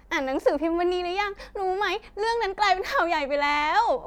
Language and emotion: Thai, happy